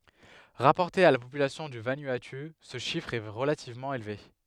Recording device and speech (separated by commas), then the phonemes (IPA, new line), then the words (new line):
headset microphone, read sentence
ʁapɔʁte a la popylasjɔ̃ dy vanuatu sə ʃifʁ ɛ ʁəlativmɑ̃ elve
Rapporté à la population du Vanuatu, ce chiffre est relativement élevé.